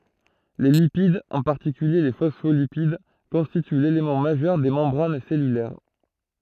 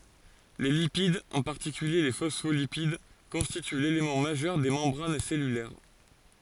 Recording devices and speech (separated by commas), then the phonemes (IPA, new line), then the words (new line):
throat microphone, forehead accelerometer, read sentence
le lipid ɑ̃ paʁtikylje le fɔsfolipid kɔ̃stity lelemɑ̃ maʒœʁ de mɑ̃bʁan sɛlylɛʁ
Les lipides, en particulier les phospholipides, constituent l'élément majeur des membranes cellulaires.